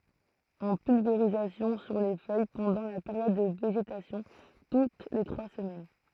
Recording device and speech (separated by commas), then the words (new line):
throat microphone, read sentence
En pulvérisation sur les feuilles pendant la période de végétation, toutes les trois semaines.